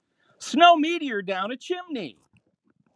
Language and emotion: English, happy